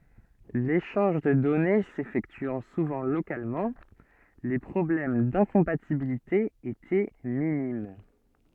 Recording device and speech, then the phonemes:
soft in-ear microphone, read sentence
leʃɑ̃ʒ də dɔne sefɛktyɑ̃ suvɑ̃ lokalmɑ̃ le pʁɔblɛm dɛ̃kɔ̃patibilite etɛ minim

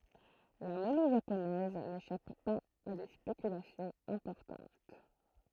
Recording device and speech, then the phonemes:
throat microphone, read sentence
la mɔnɛ ʒaponɛz neʃap paz a de spekylasjɔ̃z ɛ̃pɔʁtɑ̃t

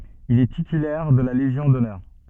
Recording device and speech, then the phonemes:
soft in-ear microphone, read sentence
il ɛ titylɛʁ də la leʒjɔ̃ dɔnœʁ

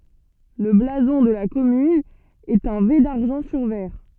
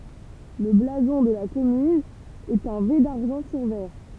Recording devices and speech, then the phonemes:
soft in-ear microphone, temple vibration pickup, read sentence
lə blazɔ̃ də la kɔmyn ɛt œ̃ ve daʁʒɑ̃ syʁ vɛʁ

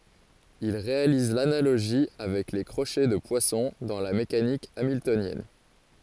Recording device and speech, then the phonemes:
forehead accelerometer, read sentence
il ʁealiz lanaloʒi avɛk le kʁoʃɛ də pwasɔ̃ dɑ̃ la mekanik amiltonjɛn

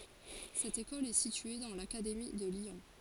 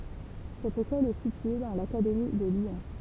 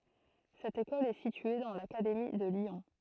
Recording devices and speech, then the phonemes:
forehead accelerometer, temple vibration pickup, throat microphone, read sentence
sɛt ekɔl ɛ sitye dɑ̃ lakademi də ljɔ̃

